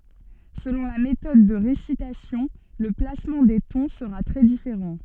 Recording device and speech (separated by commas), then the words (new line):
soft in-ear microphone, read sentence
Selon la méthode de récitation, le placement des tons sera très différent.